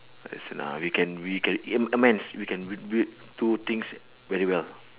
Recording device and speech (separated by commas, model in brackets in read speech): telephone, conversation in separate rooms